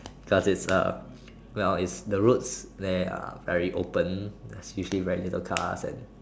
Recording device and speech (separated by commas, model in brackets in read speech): standing microphone, conversation in separate rooms